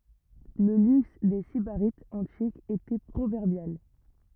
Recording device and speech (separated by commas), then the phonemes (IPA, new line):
rigid in-ear microphone, read sentence
lə lyks de sibaʁitz ɑ̃tikz etɛ pʁovɛʁbjal